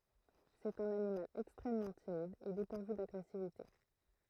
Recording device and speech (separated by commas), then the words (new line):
throat microphone, read sentence
C'est un animal extrêmement timide et dépourvu d'agressivité.